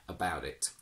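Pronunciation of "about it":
In 'about it', the t at the end of 'about' is not kept as a t. It is said as a d sound.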